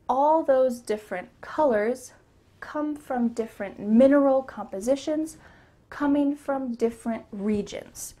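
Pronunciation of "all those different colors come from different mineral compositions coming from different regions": The word right after each 'different' is emphasized: 'colors', 'mineral compositions' and 'regions' stand out.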